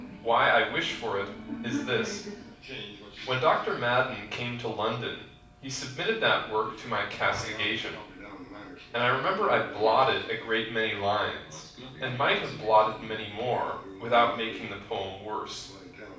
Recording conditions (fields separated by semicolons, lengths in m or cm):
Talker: one person; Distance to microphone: 5.8 m; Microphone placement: far; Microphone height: 1.8 m; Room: medium-sized (5.7 m by 4.0 m); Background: television